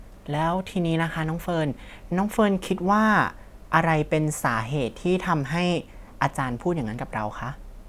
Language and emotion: Thai, neutral